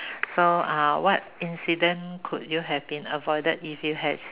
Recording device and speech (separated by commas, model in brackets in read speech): telephone, conversation in separate rooms